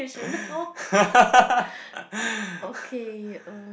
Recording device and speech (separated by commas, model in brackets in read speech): boundary microphone, conversation in the same room